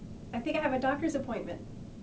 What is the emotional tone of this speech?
neutral